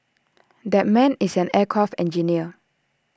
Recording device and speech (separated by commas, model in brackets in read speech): standing microphone (AKG C214), read sentence